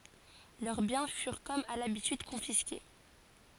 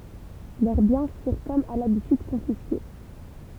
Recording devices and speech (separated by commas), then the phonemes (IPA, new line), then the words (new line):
forehead accelerometer, temple vibration pickup, read sentence
lœʁ bjɛ̃ fyʁ kɔm a labityd kɔ̃fiske
Leurs biens furent comme à l'habitude confisqués.